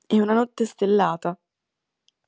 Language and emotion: Italian, neutral